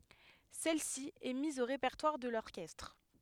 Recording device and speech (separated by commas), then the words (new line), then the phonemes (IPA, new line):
headset microphone, read sentence
Celle-ci est mise au répertoire de l'orchestre.
sɛl si ɛ miz o ʁepɛʁtwaʁ də lɔʁkɛstʁ